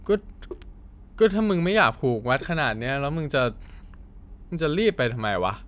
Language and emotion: Thai, frustrated